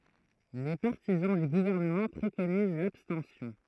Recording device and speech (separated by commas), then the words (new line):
throat microphone, read sentence
Les partisans du gouvernement préconisent l'abstention.